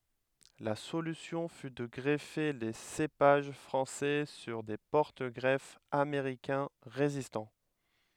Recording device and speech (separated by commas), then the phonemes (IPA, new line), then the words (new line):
headset microphone, read sentence
la solysjɔ̃ fy də ɡʁɛfe le sepaʒ fʁɑ̃sɛ syʁ de pɔʁtəɡʁɛfz ameʁikɛ̃ ʁezistɑ̃
La solution fut de greffer les cépages français sur des porte-greffes américains résistants.